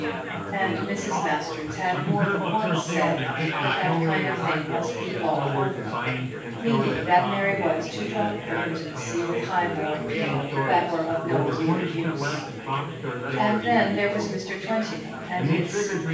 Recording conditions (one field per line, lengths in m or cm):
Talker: one person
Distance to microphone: 9.8 m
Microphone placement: far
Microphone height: 1.8 m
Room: large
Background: babble